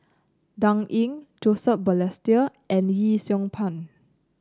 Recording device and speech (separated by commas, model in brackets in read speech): close-talking microphone (WH30), read sentence